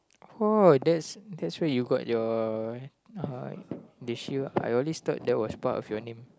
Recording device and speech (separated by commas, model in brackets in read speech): close-talking microphone, conversation in the same room